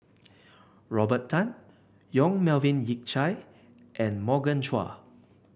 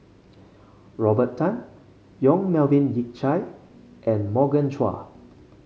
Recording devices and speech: boundary microphone (BM630), mobile phone (Samsung C5), read sentence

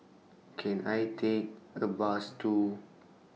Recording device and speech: mobile phone (iPhone 6), read sentence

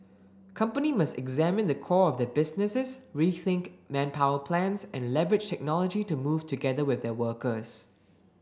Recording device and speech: standing microphone (AKG C214), read sentence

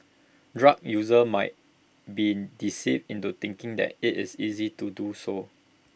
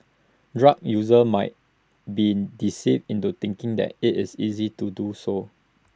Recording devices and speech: boundary microphone (BM630), standing microphone (AKG C214), read sentence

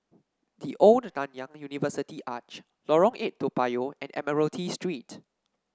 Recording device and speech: standing microphone (AKG C214), read sentence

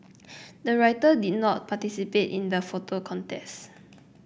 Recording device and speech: boundary microphone (BM630), read sentence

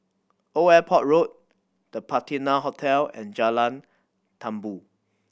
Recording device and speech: boundary microphone (BM630), read sentence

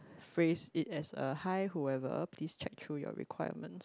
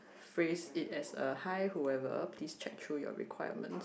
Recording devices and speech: close-talking microphone, boundary microphone, conversation in the same room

